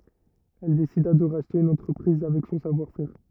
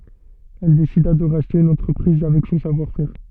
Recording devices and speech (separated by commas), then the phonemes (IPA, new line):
rigid in-ear microphone, soft in-ear microphone, read sentence
ɛl desida də ʁaʃte yn ɑ̃tʁəpʁiz avɛk sɔ̃ savwaʁ fɛʁ